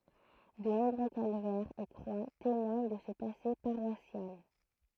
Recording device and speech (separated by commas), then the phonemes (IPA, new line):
throat microphone, read sentence
də nɔ̃bʁø kalvɛʁz e kʁwa temwaɲ də sə pase paʁwasjal